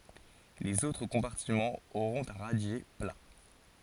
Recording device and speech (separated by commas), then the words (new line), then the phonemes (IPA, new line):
forehead accelerometer, read sentence
Les autres compartiments auront un radier plat.
lez otʁ kɔ̃paʁtimɑ̃z oʁɔ̃t œ̃ ʁadje pla